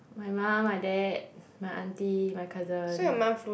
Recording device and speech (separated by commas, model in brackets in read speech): boundary microphone, conversation in the same room